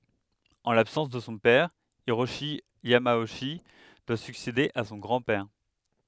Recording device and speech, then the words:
headset microphone, read sentence
En l'absence de son père, Hiroshi Yamauchi doit succéder à son grand-père.

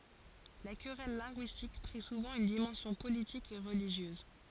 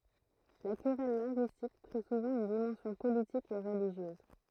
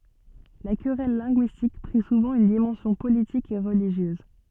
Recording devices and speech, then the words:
forehead accelerometer, throat microphone, soft in-ear microphone, read sentence
La querelle linguistique prit souvent une dimension politique et religieuse.

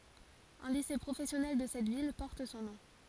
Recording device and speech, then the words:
forehead accelerometer, read sentence
Un lycée professionnel de cette ville porte son nom.

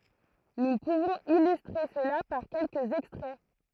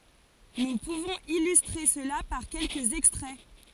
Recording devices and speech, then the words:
throat microphone, forehead accelerometer, read sentence
Nous pouvons illustrer cela par quelques extraits.

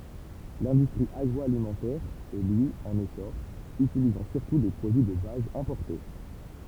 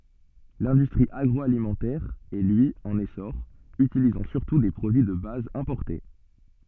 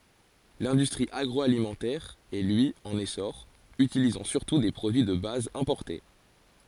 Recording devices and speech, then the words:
temple vibration pickup, soft in-ear microphone, forehead accelerometer, read sentence
L'industrie agroalimentaire est lui en essor, utilisant surtout des produits de base importés.

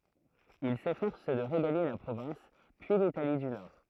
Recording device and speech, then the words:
throat microphone, read sentence
Il s'efforce de regagner la province, puis l'Italie du Nord.

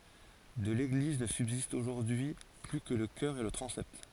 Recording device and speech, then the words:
forehead accelerometer, read sentence
De l'église ne subsistent aujourd'hui plus que le chœur et le transept.

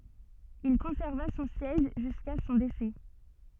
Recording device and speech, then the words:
soft in-ear microphone, read sentence
Il conserva son siège jusqu’à son décès.

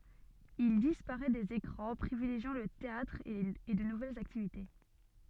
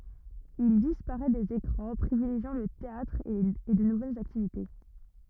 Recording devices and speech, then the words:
soft in-ear microphone, rigid in-ear microphone, read sentence
Il disparaît des écrans, privilégiant le théâtre et de nouvelles activités.

